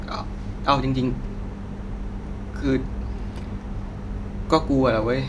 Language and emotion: Thai, sad